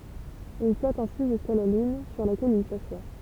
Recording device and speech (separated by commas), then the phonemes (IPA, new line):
temple vibration pickup, read sentence
il flɔt ɛ̃si ʒyska la lyn syʁ lakɛl il saswa